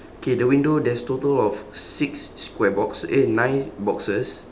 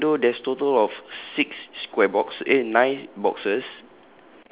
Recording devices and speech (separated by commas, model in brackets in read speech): standing microphone, telephone, conversation in separate rooms